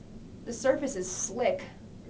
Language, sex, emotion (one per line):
English
female
neutral